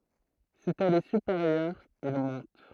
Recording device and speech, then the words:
throat microphone, read sentence
Si elle est supérieure, il monte.

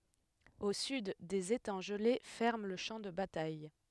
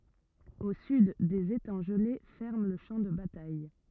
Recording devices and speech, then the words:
headset microphone, rigid in-ear microphone, read sentence
Au sud, des étangs gelés ferment le champ de bataille.

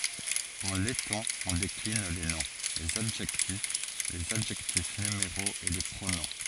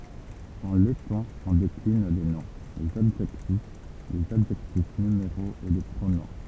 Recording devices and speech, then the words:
forehead accelerometer, temple vibration pickup, read sentence
En letton, on décline les noms, les adjectifs, les adjectifs numéraux et les pronoms.

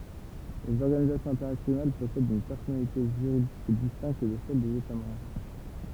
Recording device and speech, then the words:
temple vibration pickup, read sentence
Les organisations internationales possèdent une personnalité juridique distincte de celle des États membres.

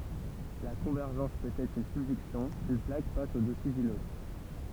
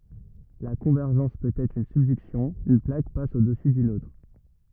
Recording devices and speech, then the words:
temple vibration pickup, rigid in-ear microphone, read sentence
La convergence peut être une subduction, une plaque passe au-dessous d'une autre.

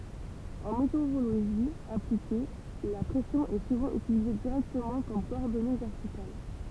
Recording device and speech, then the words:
temple vibration pickup, read sentence
En météorologie appliquée, la pression est souvent utilisée directement comme coordonnée verticale.

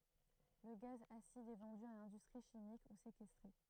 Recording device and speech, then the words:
throat microphone, read sentence
Le gaz acide est vendu à l'industrie chimique ou séquestré.

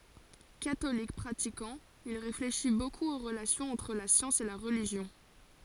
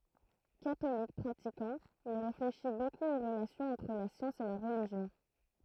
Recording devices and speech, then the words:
forehead accelerometer, throat microphone, read sentence
Catholique pratiquant, il réfléchit beaucoup aux relations entre la science et la religion.

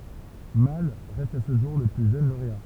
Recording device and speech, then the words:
temple vibration pickup, read sentence
Malle reste à ce jour le plus jeune lauréat.

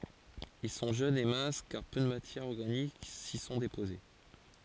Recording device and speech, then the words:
forehead accelerometer, read sentence
Ils sont jeunes et minces car peu de matières organiques s'y sont déposées.

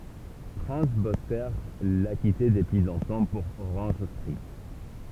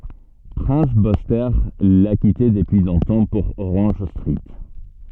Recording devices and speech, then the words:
temple vibration pickup, soft in-ear microphone, read sentence
Prince Buster l’a quitté depuis longtemps pour Orange Street.

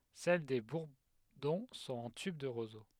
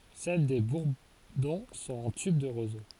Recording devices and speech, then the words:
headset microphone, forehead accelerometer, read sentence
Celles des bourdons sont en tube de roseau.

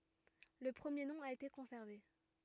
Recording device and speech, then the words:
rigid in-ear microphone, read sentence
Le premier nom a été conservé.

